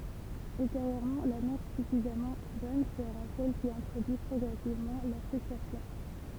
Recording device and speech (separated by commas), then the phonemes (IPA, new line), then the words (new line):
temple vibration pickup, read sentence
ylteʁjøʁmɑ̃ la mɛʁ syfizamɑ̃ bɔn səʁa sɛl ki ɛ̃tʁodyi pʁɔɡʁɛsivmɑ̃ la fʁystʁasjɔ̃
Ultérieurement, la mère suffisamment bonne sera celle qui introduit progressivement la frustration.